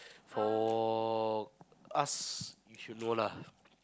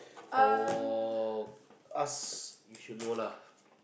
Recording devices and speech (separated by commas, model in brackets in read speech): close-talking microphone, boundary microphone, conversation in the same room